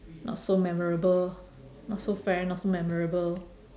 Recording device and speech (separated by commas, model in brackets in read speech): standing microphone, conversation in separate rooms